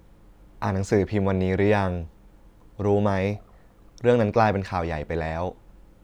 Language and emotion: Thai, neutral